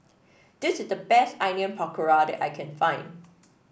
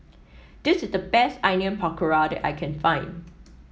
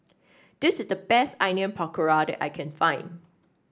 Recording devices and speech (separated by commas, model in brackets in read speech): boundary microphone (BM630), mobile phone (iPhone 7), standing microphone (AKG C214), read sentence